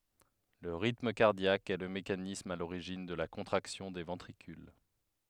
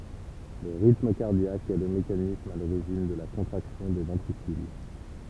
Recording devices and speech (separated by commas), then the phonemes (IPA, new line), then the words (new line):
headset microphone, temple vibration pickup, read sentence
lə ʁitm kaʁdjak ɛ lə mekanism a loʁiʒin də la kɔ̃tʁaksjɔ̃ de vɑ̃tʁikyl
Le rythme cardiaque est le mécanisme à l’origine de la contraction des ventricules.